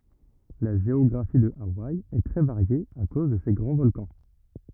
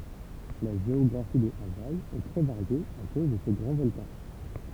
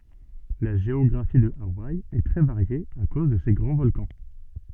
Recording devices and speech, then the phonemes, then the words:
rigid in-ear microphone, temple vibration pickup, soft in-ear microphone, read sentence
la ʒeɔɡʁafi də awaj ɛ tʁɛ vaʁje a koz də se ɡʁɑ̃ vɔlkɑ̃
La géographie de Hawaï est très variée à cause de ses grands volcans.

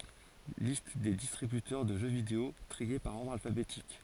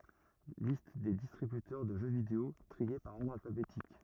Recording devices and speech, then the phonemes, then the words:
forehead accelerometer, rigid in-ear microphone, read sentence
list de distʁibytœʁ də ʒø video tʁie paʁ ɔʁdʁ alfabetik
Liste des distributeurs de jeux vidéo, triés par ordre alphabétique.

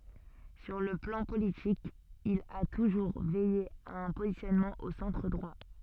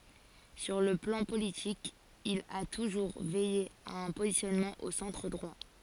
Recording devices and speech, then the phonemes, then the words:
soft in-ear microphone, forehead accelerometer, read sentence
syʁ lə plɑ̃ politik il a tuʒuʁ vɛje a œ̃ pozisjɔnmɑ̃ o sɑ̃tʁ dʁwa
Sur le plan politique, il a toujours veillé à un positionnement au centre droit.

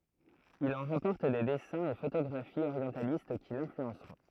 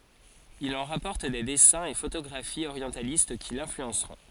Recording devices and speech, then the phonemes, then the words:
throat microphone, forehead accelerometer, read sentence
il ɑ̃ ʁapɔʁt de dɛsɛ̃z e fotoɡʁafiz oʁjɑ̃talist ki lɛ̃flyɑ̃sʁɔ̃
Il en rapporte des dessins et photographies orientalistes qui l'influenceront.

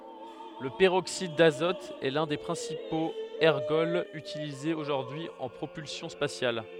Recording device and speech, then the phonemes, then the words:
headset microphone, read sentence
lə pəʁoksid dazɔt ɛ lœ̃ de pʁɛ̃sipoz ɛʁɡɔlz ytilizez oʒuʁdyi y ɑ̃ pʁopylsjɔ̃ spasjal
Le peroxyde d'azote est l'un des principaux ergols utilisés aujourd'hui en propulsion spatiale.

